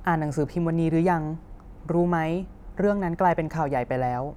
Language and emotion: Thai, neutral